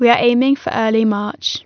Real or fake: real